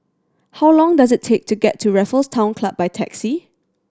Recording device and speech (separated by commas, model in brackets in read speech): standing microphone (AKG C214), read sentence